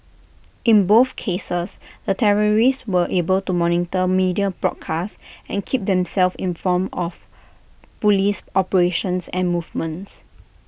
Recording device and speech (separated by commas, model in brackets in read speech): boundary microphone (BM630), read sentence